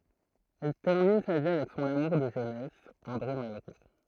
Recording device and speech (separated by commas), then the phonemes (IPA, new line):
throat microphone, read sentence
ɛl tɛʁmin sa vi avɛk sɔ̃n amuʁ də ʒønɛs ɑ̃dʁe malʁo